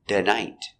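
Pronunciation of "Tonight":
In 'tonight', the t is changed to a d sound.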